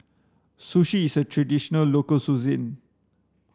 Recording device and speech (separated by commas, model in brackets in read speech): standing microphone (AKG C214), read sentence